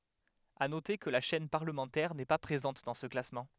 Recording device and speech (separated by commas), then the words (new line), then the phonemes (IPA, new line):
headset microphone, read sentence
À noter que la chaîne parlementaire n'est pas présente dans ce classement.
a note kə la ʃɛn paʁləmɑ̃tɛʁ nɛ pa pʁezɑ̃t dɑ̃ sə klasmɑ̃